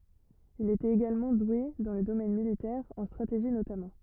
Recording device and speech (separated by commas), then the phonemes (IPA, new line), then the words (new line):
rigid in-ear microphone, read sentence
il etɛt eɡalmɑ̃ dwe dɑ̃ lə domɛn militɛʁ ɑ̃ stʁateʒi notamɑ̃
Il était également doué dans le domaine militaire, en stratégie notamment.